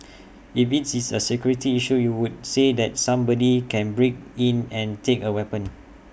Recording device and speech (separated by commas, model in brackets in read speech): boundary microphone (BM630), read sentence